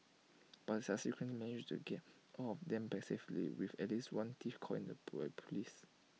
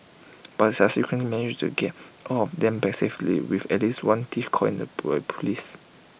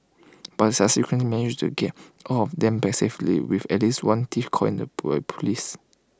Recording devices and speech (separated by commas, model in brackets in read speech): mobile phone (iPhone 6), boundary microphone (BM630), close-talking microphone (WH20), read sentence